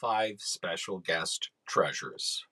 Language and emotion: English, sad